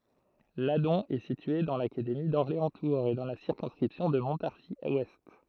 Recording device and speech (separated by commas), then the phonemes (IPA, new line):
throat microphone, read sentence
ladɔ̃ ɛ sitye dɑ̃ lakademi dɔʁleɑ̃stuʁz e dɑ̃ la siʁkɔ̃skʁipsjɔ̃ də mɔ̃taʁʒizwɛst